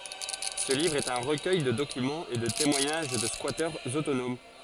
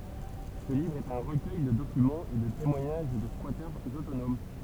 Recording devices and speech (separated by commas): forehead accelerometer, temple vibration pickup, read sentence